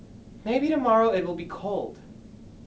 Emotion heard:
neutral